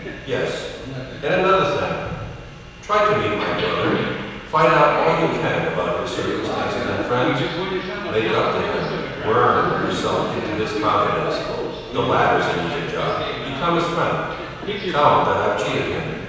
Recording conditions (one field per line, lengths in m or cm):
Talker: one person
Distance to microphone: 7.1 m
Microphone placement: far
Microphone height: 1.7 m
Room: very reverberant, large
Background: television